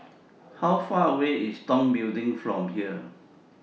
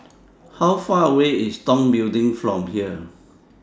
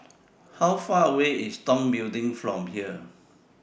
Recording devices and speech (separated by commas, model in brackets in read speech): mobile phone (iPhone 6), standing microphone (AKG C214), boundary microphone (BM630), read sentence